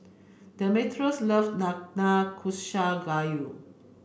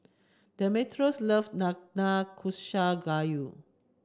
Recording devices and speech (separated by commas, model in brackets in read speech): boundary microphone (BM630), standing microphone (AKG C214), read sentence